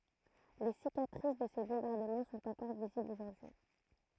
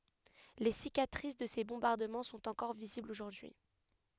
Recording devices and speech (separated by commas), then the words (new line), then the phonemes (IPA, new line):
throat microphone, headset microphone, read sentence
Les cicatrices de ces bombardements sont encore visibles aujourd'hui.
le sikatʁis də se bɔ̃baʁdəmɑ̃ sɔ̃t ɑ̃kɔʁ viziblz oʒuʁdyi